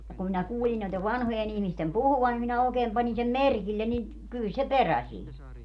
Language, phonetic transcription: Finnish, ja kum minä 'kuulin noitev 'vanhoje'n ‿ihmistem "puhuvan nim minä 'ookeem pańi sem "merkillen ni , kyl se "perä 'siin ‿o .
- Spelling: ja kun minä kuulin noiden vanhojen ihmisten puhuvan niin minä oikein panin sen merkille niin kyllä se perä siinä on

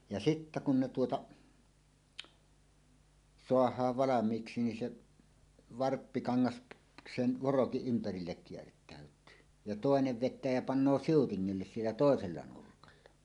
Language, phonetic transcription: Finnish, ja "sittä kun ne tuota , "soah̀aav 'valam̀iiksi nin 'se , "varppikaŋŋas , 'sen 'vorokiˀ 'ˀympärillek kiert̀ä̀yt̀yy , ja "tòenev 'vet̆tää ja 'pannoo "siutiŋŋilles 'siellä "tòesella 'nurkalla .
- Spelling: ja sitten kun ne tuota saadaan valmiiksi niin se varppikangas sen vorokin ympärille kiertäytyy ja toinen vetää ja panee siutingille siellä toisella nurkalla

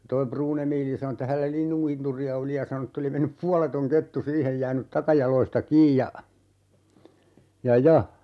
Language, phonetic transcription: Finnish, 'toi "Pruun ‿Emiili sano että 'hällä "linnuŋkinturi₍a oli ja 'sano ‿tt ‿oli 'mennyp "pualetoŋ 'kettu 'siihej 'jäänyt 'takajal̀oista "kiij ja , 'ja "ja ,.
- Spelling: toi Pruun Emiili sanoi että hänellä linnunkinturia oli ja sanoi että oli mennyt puoleton kettu siihen jäänyt takajaloista kiinni ja ja ja

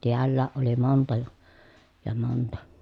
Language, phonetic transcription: Finnish, tiällääʼ ʼoli monta ja , ja monta .
- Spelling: täälläkin oli monta ja ja monta

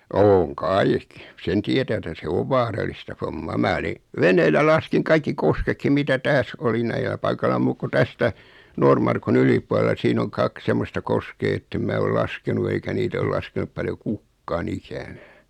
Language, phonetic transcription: Finnish, 'ooŋ "kaik , 'sen tietä etä se "ov 'vaaralista fommaa 'mää oli , 'veneellä 'laskiŋ kaikki 'koskekkim mitä 'tääs oli 'näilä paikala 'muuk ku 'tästä , 'Noormarkun 'ylip̀ualela 'siin ‿oŋ "kak 'semmosta 'koskee ettem 'mää ol 'laskenu eikä 'niit ‿ol laskenup 'paljo "kukkaa'n ‿ikänää .
- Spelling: on kai sen tietää että se on vaaralista hommaa minä olin veneellä laskin kaikki kosketkin mitä tässä oli näillä paikalla muut kuin tästä Noormarkun yläpuolella siinä on kaksi semmoista koskea että en minä ole laskenut eikä niitä ole laskenut paljon kukaan ikänään

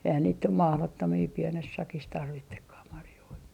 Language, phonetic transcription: Finnish, eihän niit nym "mahlottomii 'pienes 'sakis tarvittekkah marjoi .
- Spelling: eihän niitä nyt mahdottomia pienessä sakissa tarvitsekaan marjoja

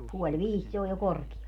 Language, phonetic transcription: Finnish, 'puoĺ "viis se oj jo 'kor(kial) .
- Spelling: puoli viisi se on jo korkealla

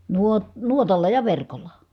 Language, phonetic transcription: Finnish, nuo- , nuotalla ja verkolla .
- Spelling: - nuotalla ja verkolla

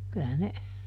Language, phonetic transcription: Finnish, ˈkylä ne ,.
- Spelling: kyllä ne

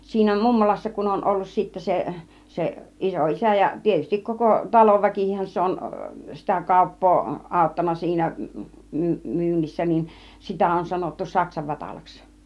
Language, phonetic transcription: Finnish, siinä "mummolassa kun on 'ollus sittä 'se , se 'iso₍isä ja 'tietystik 'koko , "talovväkikihän se on , sitä "kàuppoo 'ˀàuttanna siinä. , 'my- 'myynnissä niin , 'sitä on sanottu "saksa 'Vatalaks .
- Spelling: siinä mummolassa kun on ollut sitten se se isoisä ja tietysti koko talonväkikinhän se on sitä kauppaa auttanut siinä - myynnissä niin sitä on sanottu - saksa-Vatalaksi

